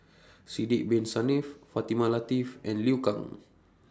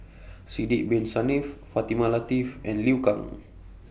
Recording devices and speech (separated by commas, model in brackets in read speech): standing microphone (AKG C214), boundary microphone (BM630), read sentence